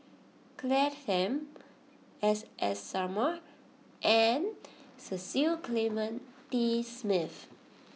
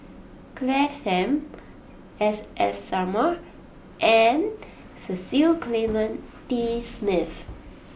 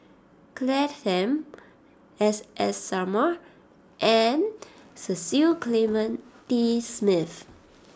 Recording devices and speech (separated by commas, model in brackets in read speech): mobile phone (iPhone 6), boundary microphone (BM630), standing microphone (AKG C214), read sentence